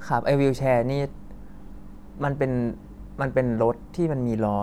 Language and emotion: Thai, neutral